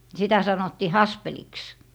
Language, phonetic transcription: Finnish, 'sitä 'sanottii "haspeliks .
- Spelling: sitä sanottiin haspeliksi

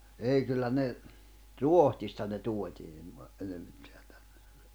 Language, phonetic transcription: Finnish, 'ei kyllä ne , "Ruohtista ne 'tuot́ii(n va-) , 'enemiksᴇᴇɴ tᴀ̈ɴɴᴇ .
- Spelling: ei kyllä ne Ruotsista ne tuotiin - enimmäkseen tänne

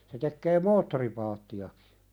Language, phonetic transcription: Finnish, se tekkee "moottoripaatti₍akɪ .
- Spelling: se tekee moottoripaattejakin

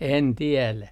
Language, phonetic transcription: Finnish, 'en 'tielä .
- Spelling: en tiedä

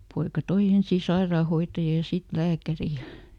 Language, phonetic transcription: Finnish, ˈpoika "toi ˈensii "sairaahoittaja ja ˈsit "lääkäri ja ,.
- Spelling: poika toi ensin sairaanhoitajan ja sitten lääkärin ja

